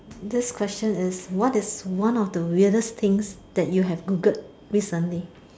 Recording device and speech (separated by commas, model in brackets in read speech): standing microphone, conversation in separate rooms